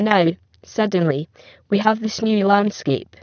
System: VC, spectral filtering